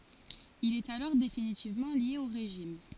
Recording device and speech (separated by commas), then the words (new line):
forehead accelerometer, read sentence
Il est alors définitivement lié au régime.